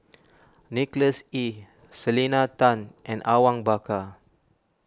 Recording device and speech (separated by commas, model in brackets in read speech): standing microphone (AKG C214), read sentence